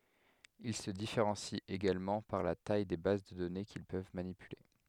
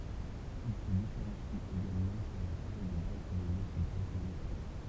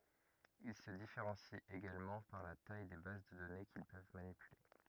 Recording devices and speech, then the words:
headset microphone, temple vibration pickup, rigid in-ear microphone, read sentence
Ils se différencient également par la taille des bases de données qu'ils peuvent manipuler.

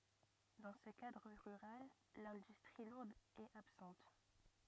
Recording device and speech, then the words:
rigid in-ear microphone, read sentence
Dans ce cadre rural, l'industrie lourde est absente.

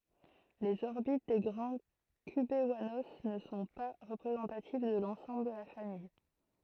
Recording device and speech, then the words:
throat microphone, read sentence
Les orbites des grands cubewanos ne sont pas représentatives de l’ensemble de la famille.

